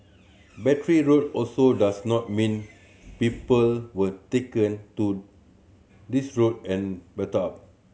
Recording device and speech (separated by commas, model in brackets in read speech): mobile phone (Samsung C7100), read sentence